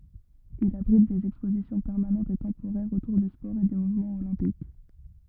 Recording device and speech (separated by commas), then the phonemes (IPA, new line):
rigid in-ear microphone, read sentence
il abʁit dez ɛkspozisjɔ̃ pɛʁmanɑ̃tz e tɑ̃poʁɛʁz otuʁ dy spɔʁ e dy muvmɑ̃ olɛ̃pik